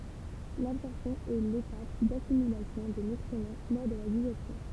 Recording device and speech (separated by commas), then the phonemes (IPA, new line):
temple vibration pickup, read sentence
labsɔʁpsjɔ̃ ɛ letap dasimilasjɔ̃ de nytʁimɑ̃ lɔʁ də la diʒɛstjɔ̃